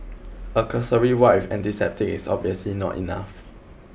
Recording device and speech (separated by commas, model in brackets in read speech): boundary microphone (BM630), read sentence